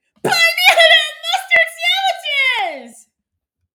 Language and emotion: English, happy